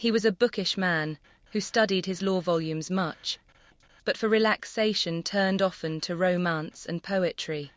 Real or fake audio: fake